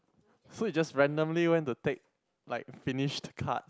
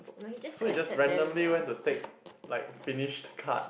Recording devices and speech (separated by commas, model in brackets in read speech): close-talking microphone, boundary microphone, conversation in the same room